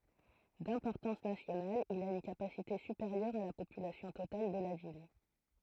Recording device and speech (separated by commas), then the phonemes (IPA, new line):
throat microphone, read sentence
dɛ̃pɔʁtɑ̃s nasjonal il a yn kapasite sypeʁjœʁ a la popylasjɔ̃ total də la vil